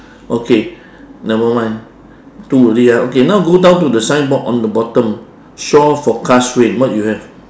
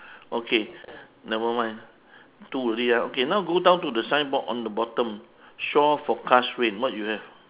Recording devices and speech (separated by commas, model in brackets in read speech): standing microphone, telephone, conversation in separate rooms